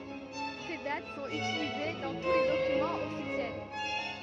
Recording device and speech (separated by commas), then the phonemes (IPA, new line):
rigid in-ear microphone, read sentence
se dat sɔ̃t ytilize dɑ̃ tu le dokymɑ̃z ɔfisjɛl